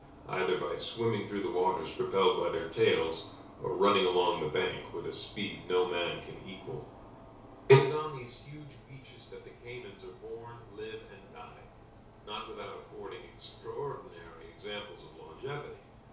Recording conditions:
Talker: one person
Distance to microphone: 3.0 m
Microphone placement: far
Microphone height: 1.8 m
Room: small (3.7 m by 2.7 m)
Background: none

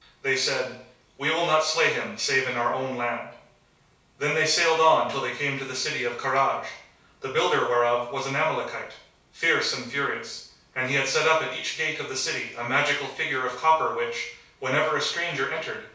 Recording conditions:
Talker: one person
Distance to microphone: 3.0 m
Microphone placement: far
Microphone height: 1.8 m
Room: small (3.7 m by 2.7 m)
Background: none

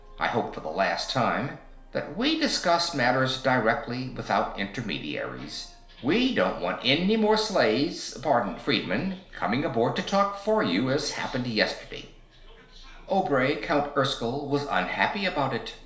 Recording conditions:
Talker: one person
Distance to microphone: 1.0 m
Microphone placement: close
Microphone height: 1.1 m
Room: small (3.7 m by 2.7 m)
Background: television

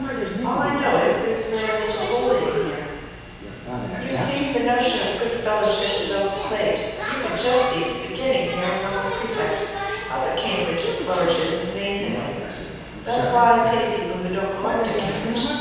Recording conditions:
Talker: one person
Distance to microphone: 7.1 m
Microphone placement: far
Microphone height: 1.7 m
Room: very reverberant, large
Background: television

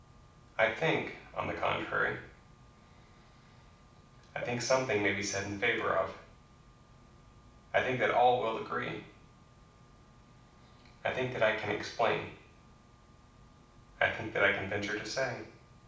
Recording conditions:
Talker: one person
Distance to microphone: 5.8 m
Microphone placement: far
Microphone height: 1.8 m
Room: medium-sized (5.7 m by 4.0 m)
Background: none

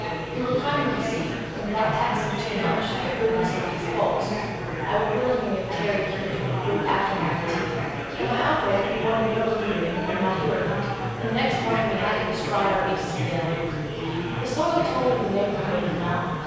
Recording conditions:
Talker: one person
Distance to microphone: 7.1 m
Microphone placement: far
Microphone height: 1.7 m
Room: very reverberant, large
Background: babble

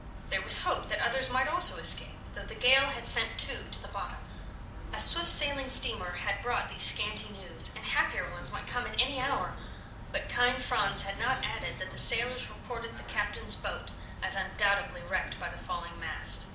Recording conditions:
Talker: one person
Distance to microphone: 2.0 m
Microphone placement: close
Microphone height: 99 cm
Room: medium-sized (5.7 m by 4.0 m)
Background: television

